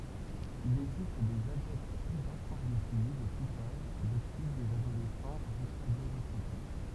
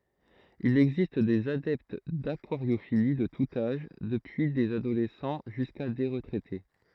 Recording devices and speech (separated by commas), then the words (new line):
temple vibration pickup, throat microphone, read sentence
Il existe des adeptes d'aquariophilie de tout âge, depuis des adolescents jusqu'à des retraités.